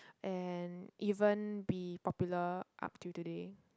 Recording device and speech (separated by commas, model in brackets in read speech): close-talking microphone, conversation in the same room